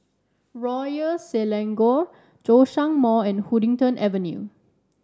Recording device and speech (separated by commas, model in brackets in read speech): standing microphone (AKG C214), read sentence